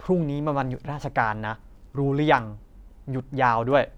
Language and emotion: Thai, frustrated